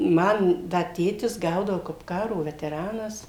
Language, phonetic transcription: Lithuanian, ˈman ˈda ˈtėtis ˈgaudavo kap ˈkaro veteˈranas

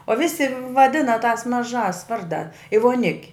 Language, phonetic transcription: Lithuanian, o ˈvisi vaˈdina tās maˈžās ˈvardā i voˈnik'

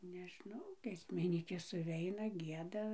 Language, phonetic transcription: Lithuanian, neˈžnau giesmiˈnykės suˈveina ˈgieda

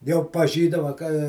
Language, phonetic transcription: Lithuanian, jau paˈžydava ka

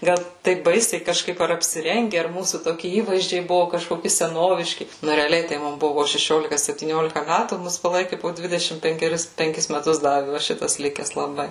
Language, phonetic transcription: Lithuanian, ˈgal ˈtaip ˈbaisiai kažˈkaip ar apsiˈrenge ar ˈmūsų toˈki ˈįvaizdžiai ˈbuvu kažkoˈki seˈnoviški ˈnu reaˈliai tai ˈmum ˈbuvu po šeˈšiolika septyˈniolika ˈmætų ˈmus paˈlaiki po ˈdvidešim penkeˈris penˈkis meˈtus ˈdavi va ˈšitas ˈlikes laˈbai

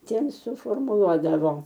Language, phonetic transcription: Lithuanian, ˈtiem suformuˈluodavo

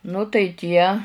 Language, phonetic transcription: Lithuanian, nu tai ˈtie

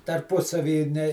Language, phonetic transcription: Lithuanian, tarˈpusavy ne

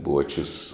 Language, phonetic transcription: Lithuanian, ˈbuočius

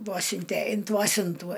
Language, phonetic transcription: Lithuanian, ˈvuosinte int ˈvuosintų

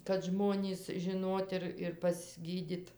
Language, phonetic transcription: Lithuanian, kad ˈžmonys žiˈnot ir ir pasˈgydit

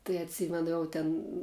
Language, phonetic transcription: Lithuanian, tai atˈsymenu ˈjau ten

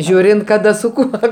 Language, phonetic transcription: Lithuanian, ˈžiūrint kaˈda su ˈkuo

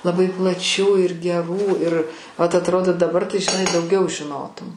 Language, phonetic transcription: Lithuanian, laˈbai plaˈčių ir geˈrų ir vat atˈrodo daˈbar tai žiˈnai dauˈgiau žiˈnotum

